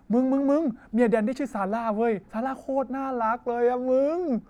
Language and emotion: Thai, happy